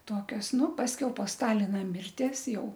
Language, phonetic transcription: Lithuanian, ˈtokios ˈnu pasˈkiau po ˈstalina ˈmirties ˈjau

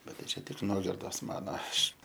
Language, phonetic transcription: Lithuanian, ˈbet tai ˈčia tik ˈnuogirdos ˈmano ˈaš

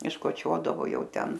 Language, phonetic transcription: Lithuanian, iškoˈčiodavo ˈjau ˈten

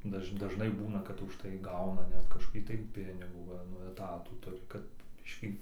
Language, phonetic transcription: Lithuanian, ˈdaž daˈžnai ˈbūna kad užˈtai ˈgauna ˈnet kažkoˈkį tai ˈpinigų ˈva nu eˈtatų ˈturi kad ˈbiškį

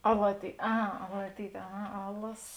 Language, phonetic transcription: Lithuanian, alaty ˈa aˈlatyt' aˈha ˈalasos

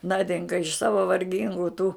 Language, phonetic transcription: Lithuanian, ˈnadinka iš ˈsava varˈgingu tų

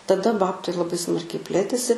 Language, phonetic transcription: Lithuanian, taˈda ˈbabtai laˈbai ˈsmarkiai ˈplėtėsi

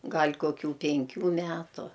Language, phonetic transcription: Lithuanian, ˈgal' koˈkių penˈkių ˈmetu

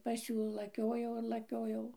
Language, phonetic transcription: Lithuanian, pas ˈjų laˈkiojau ir laˈkiojau

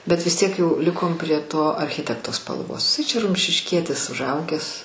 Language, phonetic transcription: Lithuanian, bet vis ˈtiek jau ˈlikom prie ˈto arˈchitekto spalˈvos iˈsai ˈčia rumšišˈkietis užˈaugęs

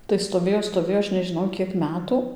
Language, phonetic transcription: Lithuanian, tai stoˈvėjo stoˈvėjo ˈaš nežiˈnau ˈkiek ˈmetu

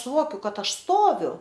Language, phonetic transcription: Lithuanian, suˈvokiu ˈkad ˈaš ˈstoviu

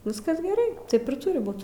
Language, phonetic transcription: Lithuanian, ˈviskas geˈrai ˈtaip ir ˈturi ˈbūt

